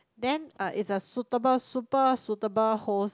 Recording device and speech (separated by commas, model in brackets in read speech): close-talking microphone, conversation in the same room